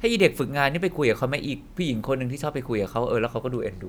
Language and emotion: Thai, neutral